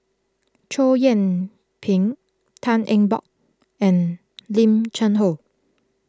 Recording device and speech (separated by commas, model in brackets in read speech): close-talking microphone (WH20), read sentence